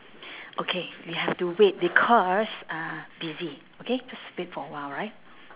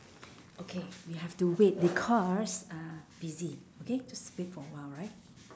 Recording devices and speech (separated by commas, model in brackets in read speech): telephone, standing microphone, conversation in separate rooms